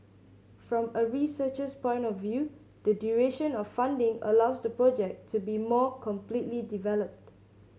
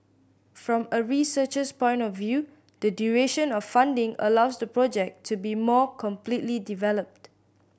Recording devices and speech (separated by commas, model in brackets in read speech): mobile phone (Samsung C7100), boundary microphone (BM630), read sentence